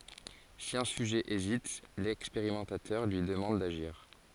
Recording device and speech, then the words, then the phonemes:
forehead accelerometer, read sentence
Si un sujet hésite, l'expérimentateur lui demande d'agir.
si œ̃ syʒɛ ezit lɛkspeʁimɑ̃tatœʁ lyi dəmɑ̃d daʒiʁ

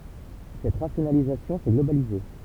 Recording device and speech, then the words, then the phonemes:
temple vibration pickup, read sentence
Cette rationalisation s'est globalisée.
sɛt ʁasjonalizasjɔ̃ sɛ ɡlobalize

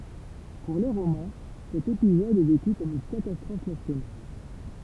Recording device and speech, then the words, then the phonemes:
temple vibration pickup, read sentence
Pour les Romains, cet épisode est vécu comme une catastrophe nationale.
puʁ le ʁomɛ̃ sɛt epizɔd ɛ veky kɔm yn katastʁɔf nasjonal

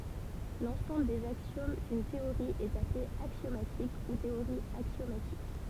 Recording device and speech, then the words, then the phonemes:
temple vibration pickup, read sentence
L'ensemble des axiomes d'une théorie est appelé axiomatique ou théorie axiomatique.
lɑ̃sɑ̃bl dez aksjom dyn teoʁi ɛt aple aksjomatik u teoʁi aksjomatik

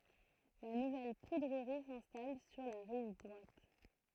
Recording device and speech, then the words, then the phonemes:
throat microphone, read sentence
La nouvelle poudrerie s'installe sur la rive droite.
la nuvɛl pudʁəʁi sɛ̃stal syʁ la ʁiv dʁwat

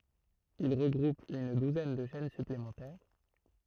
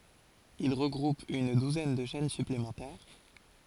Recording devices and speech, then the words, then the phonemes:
throat microphone, forehead accelerometer, read sentence
Il regroupe une douzaine de chaînes supplémentaires.
il ʁəɡʁup yn duzɛn də ʃɛn syplemɑ̃tɛʁ

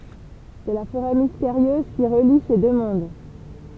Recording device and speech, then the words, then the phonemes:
temple vibration pickup, read sentence
C'est la forêt mystérieuse qui relie ces deux mondes.
sɛ la foʁɛ misteʁjøz ki ʁəli se dø mɔ̃d

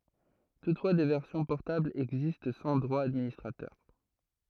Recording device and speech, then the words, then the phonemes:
throat microphone, read sentence
Toutefois, des versions portables existent sans droits d'administrateur.
tutfwa de vɛʁsjɔ̃ pɔʁtablz ɛɡzist sɑ̃ dʁwa dadministʁatœʁ

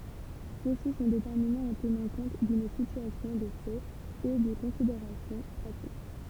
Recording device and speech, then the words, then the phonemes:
temple vibration pickup, read sentence
Ceux-ci sont déterminés en tenant compte d'une situation de fait et de considérations pratiques.
sø si sɔ̃ detɛʁminez ɑ̃ tənɑ̃ kɔ̃t dyn sityasjɔ̃ də fɛt e də kɔ̃sideʁasjɔ̃ pʁatik

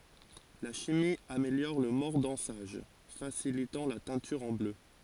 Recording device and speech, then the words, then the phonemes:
forehead accelerometer, read sentence
La chimie améliore le mordançage, facilitant la teinture en bleu.
la ʃimi ameljɔʁ lə mɔʁdɑ̃saʒ fasilitɑ̃ la tɛ̃tyʁ ɑ̃ blø

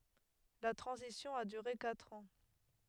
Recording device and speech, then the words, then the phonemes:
headset microphone, read sentence
La transition a duré quatre ans.
la tʁɑ̃zisjɔ̃ a dyʁe katʁ ɑ̃

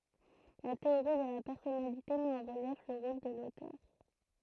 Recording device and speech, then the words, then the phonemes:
throat microphone, read sentence
La théorie de la personnalité met en relief le rôle de l’auteur.
la teoʁi də la pɛʁsɔnalite mɛt ɑ̃ ʁəljɛf lə ʁol də lotœʁ

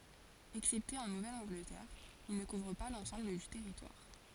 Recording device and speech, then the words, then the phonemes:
forehead accelerometer, read sentence
Excepté en Nouvelle-Angleterre, il ne couvre pas l'ensemble du territoire.
ɛksɛpte ɑ̃ nuvɛl ɑ̃ɡlətɛʁ il nə kuvʁ pa lɑ̃sɑ̃bl dy tɛʁitwaʁ

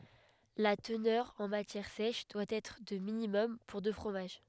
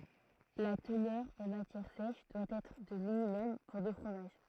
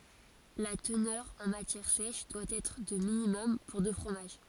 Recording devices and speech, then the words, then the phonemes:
headset microphone, throat microphone, forehead accelerometer, read sentence
La teneur en matière sèche doit être de minimum pour de fromage.
la tənœʁ ɑ̃ matjɛʁ sɛʃ dwa ɛtʁ də minimɔm puʁ də fʁomaʒ

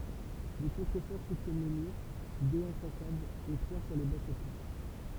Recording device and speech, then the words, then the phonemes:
temple vibration pickup, read sentence
Des contreforts soutiennent les murs, deux en façade et trois sur les bas-côtés.
de kɔ̃tʁəfɔʁ sutjɛn le myʁ døz ɑ̃ fasad e tʁwa syʁ le baskote

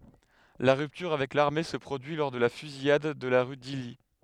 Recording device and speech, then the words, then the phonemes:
headset microphone, read sentence
La rupture avec l'armée se produit lors de la Fusillade de la rue d'Isly.
la ʁyptyʁ avɛk laʁme sə pʁodyi lɔʁ də la fyzijad də la ʁy disli

